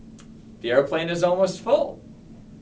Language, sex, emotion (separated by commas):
English, male, happy